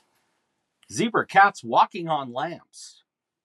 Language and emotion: English, surprised